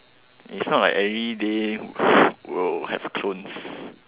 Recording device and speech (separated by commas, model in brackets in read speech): telephone, conversation in separate rooms